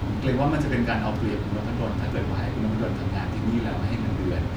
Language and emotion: Thai, neutral